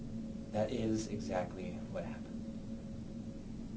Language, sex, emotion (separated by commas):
English, male, neutral